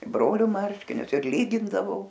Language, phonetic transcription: Lithuanian, i ˈbroliu ˈmarškinius ir ˈlygindavau

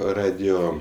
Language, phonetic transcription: Lithuanian, ˈradijo

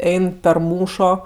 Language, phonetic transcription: Lithuanian, ˈein per ˈmūšo

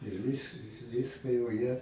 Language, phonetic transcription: Lithuanian, ir ˈvis ˈvyska jau jie

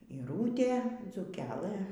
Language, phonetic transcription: Lithuanian, yˈrūtė dzūˈkeˈlɘ

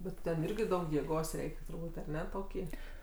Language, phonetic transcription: Lithuanian, bet ˈten ˈirgi ˈdaug jėˈgos ˈreik' turˈbūt' aˈne ˈtokį

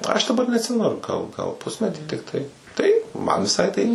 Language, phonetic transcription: Lithuanian, aš daˈbar neatˈsimenu gal gal ˈpusmetį tikˈtai tai ˈman viˈsai tai

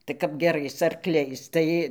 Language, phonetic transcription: Lithuanian, tai kap geˈrais arˈkliais ˈtai

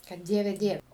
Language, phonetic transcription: Lithuanian, kad ˈdieve ˈdiev

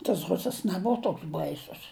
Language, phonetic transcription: Lithuanian, tas ˈrusas neˈbova ˈtoks ˈbaisus

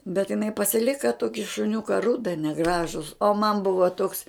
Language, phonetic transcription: Lithuanian, bet jiˈnai pasiˈlika ˈtoki šuˈniuka ˈruda neˈgražus o man ˈbuva toks

